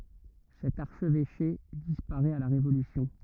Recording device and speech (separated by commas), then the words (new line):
rigid in-ear microphone, read sentence
Cet archevêché disparaît à la Révolution.